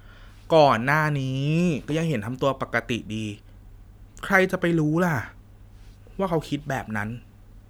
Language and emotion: Thai, frustrated